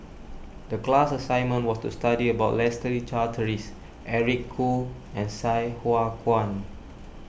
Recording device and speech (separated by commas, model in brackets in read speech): boundary microphone (BM630), read sentence